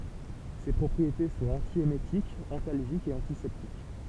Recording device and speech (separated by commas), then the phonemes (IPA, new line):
temple vibration pickup, read sentence
se pʁɔpʁiete sɔ̃t ɑ̃tjemetikz ɑ̃talʒikz e ɑ̃tisɛptik